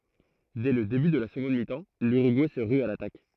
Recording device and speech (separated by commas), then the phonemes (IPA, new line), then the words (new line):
throat microphone, read sentence
dɛ lə deby də la səɡɔ̃d mitɑ̃ lyʁyɡuɛ sə ʁy a latak
Dès le début de la seconde mi-temps, l'Uruguay se rue à l'attaque.